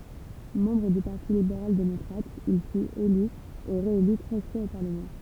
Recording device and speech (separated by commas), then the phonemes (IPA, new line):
temple vibration pickup, read sentence
mɑ̃bʁ dy paʁti libeʁal demɔkʁat il fyt ely e ʁeely tʁɛz fwaz o paʁləmɑ̃